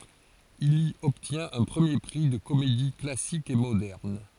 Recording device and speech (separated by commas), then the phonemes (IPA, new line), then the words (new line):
forehead accelerometer, read sentence
il i ɔbtjɛ̃t œ̃ pʁəmje pʁi də komedi klasik e modɛʁn
Il y obtient un premier prix de comédie classique et moderne.